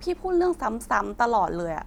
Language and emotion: Thai, frustrated